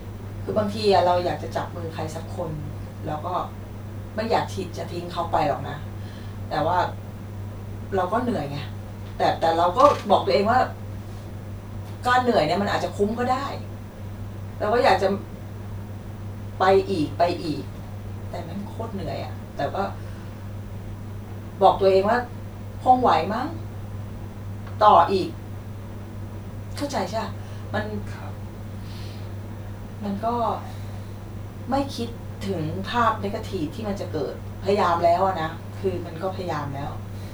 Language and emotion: Thai, sad